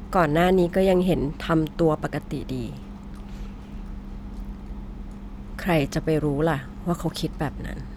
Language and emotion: Thai, frustrated